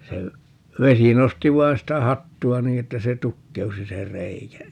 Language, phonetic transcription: Finnish, 'se , 'vesi 'nosti 'vai̮n sitä "hattu₍a 'nii että se "tukkeusi se 'r̀eikä .
- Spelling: se vesi nosti vain sitä hattua niin että se tukkeutui se reikä

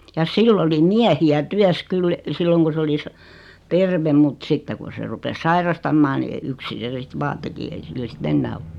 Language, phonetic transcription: Finnish, ja "sill ‿oli "miähi₍ä "tyäs 'kyl , 'silloŋ ku 's ‿oli sa- , "tervem mut 'sitte kun̬ se 'rupes "sairastammaa ni , 'yksin̬ se sit 'vaa teki ei 'sillä si"t ‿ennää o .
- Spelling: ja sillä oli miehiä työssä kyllä silloin kun se oli - terve mutta sitten kun se rupesi sairastamaan niin yksin se sitten vain teki ei sillä sitten enää ole

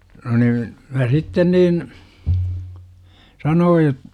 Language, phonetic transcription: Finnish, no niin , 'mä 'sitten niin , "sanooj jot- ,.
- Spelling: no niin minä sitten niin sanoin -

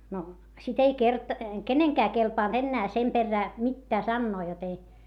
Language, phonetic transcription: Finnish, no , sit ‿ei kert- , keneŋkää kelpànt ‿ennää sem perrää , mittää sannoo jot ‿ei ,.
- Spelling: no sitten ei - kenenkään kelvannut enää sen perään mitään sanoa jotta ei

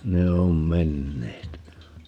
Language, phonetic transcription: Finnish, 'ne om "menneet .
- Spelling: ne on menneet

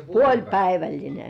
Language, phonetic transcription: Finnish, puoĺpäiväĺline .
- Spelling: puolipäivällinen

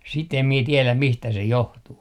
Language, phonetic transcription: Finnish, sit ‿em mie tieläm 'mistä se "johtuu .
- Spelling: sitä en minä tiedä mistä se johtuu

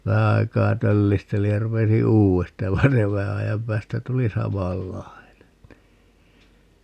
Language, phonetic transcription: Finnish, "vähä aikaa 'töllistelij ja 'rupesi "uu₍esta ja 'vain se "vähä ajam 'päästä 'tuli 'samal"lai̮nen nii ,.
- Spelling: vähän aikaa töllistelin ja rupesin uudesta ja vaan se vähän ajan päästä tuli samanlainen niin

